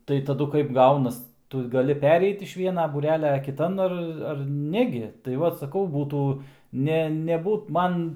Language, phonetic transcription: Lithuanian, tai taˈdu kaip ˈgaunas ˈtu gaˈli ˈpereit iš ˈviena būˈrelia kiˈtan ˈar ˈar ˈnegi tai ˈvat saˈkau ˈbūtų ˈne neˈbūt ˈman

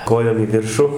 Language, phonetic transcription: Lithuanian, ˈkojom į ˈviršu

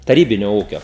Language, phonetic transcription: Lithuanian, taˈrybinio ˈūkio

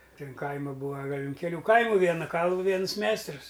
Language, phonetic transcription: Lithuanian, ˈtin ˈkaima ˈbūa ˈgal' un keˈlių ˈkaimu ˈviena ˈkalvu ˈvienus ˈmeistrus

